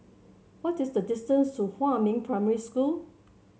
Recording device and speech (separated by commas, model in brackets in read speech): mobile phone (Samsung C7), read sentence